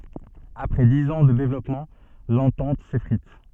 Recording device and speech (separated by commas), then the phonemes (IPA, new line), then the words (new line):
soft in-ear microphone, read sentence
apʁɛ diz ɑ̃ də devlɔpmɑ̃ lɑ̃tɑ̃t sefʁit
Après dix ans de développement, l’entente s’effrite.